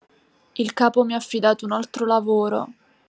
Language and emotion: Italian, sad